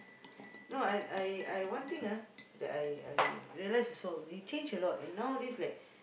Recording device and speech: boundary microphone, conversation in the same room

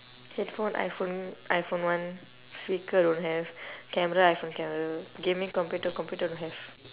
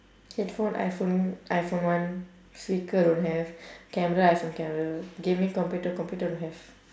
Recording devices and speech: telephone, standing microphone, conversation in separate rooms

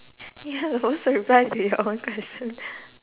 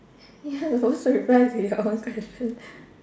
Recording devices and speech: telephone, standing microphone, conversation in separate rooms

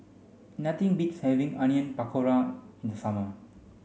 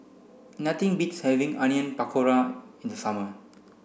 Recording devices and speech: mobile phone (Samsung C5), boundary microphone (BM630), read sentence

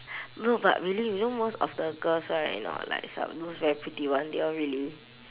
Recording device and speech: telephone, conversation in separate rooms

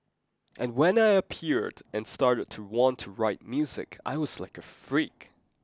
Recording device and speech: close-talking microphone (WH20), read sentence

